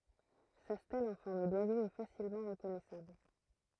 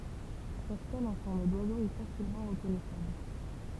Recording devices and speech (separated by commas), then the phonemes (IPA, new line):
throat microphone, temple vibration pickup, read sentence
sa stɛl ɑ̃ fɔʁm dwazo ɛ fasilmɑ̃ ʁəkɔnɛsabl